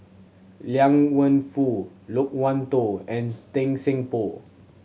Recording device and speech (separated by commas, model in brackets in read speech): mobile phone (Samsung C7100), read sentence